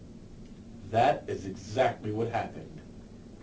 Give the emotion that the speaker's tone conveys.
neutral